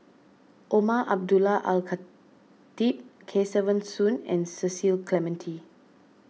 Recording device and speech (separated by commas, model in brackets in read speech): mobile phone (iPhone 6), read sentence